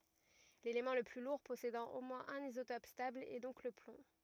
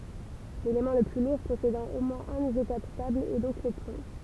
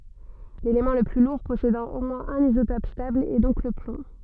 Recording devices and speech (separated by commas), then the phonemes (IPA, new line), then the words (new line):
rigid in-ear microphone, temple vibration pickup, soft in-ear microphone, read sentence
lelemɑ̃ lə ply luʁ pɔsedɑ̃ o mwɛ̃z œ̃n izotɔp stabl ɛ dɔ̃k lə plɔ̃
L'élément le plus lourd possédant au moins un isotope stable est donc le plomb.